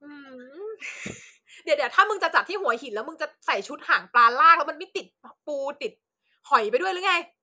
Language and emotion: Thai, happy